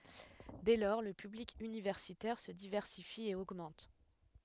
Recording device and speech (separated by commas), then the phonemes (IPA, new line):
headset microphone, read sentence
dɛ lɔʁ lə pyblik ynivɛʁsitɛʁ sə divɛʁsifi e oɡmɑ̃t